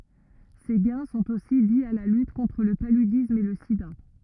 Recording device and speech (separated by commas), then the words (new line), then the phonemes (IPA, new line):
rigid in-ear microphone, read sentence
Ces gains sont aussi dis à la lutte contre le paludisme et le sida.
se ɡɛ̃ sɔ̃t osi di a la lyt kɔ̃tʁ lə palydism e lə sida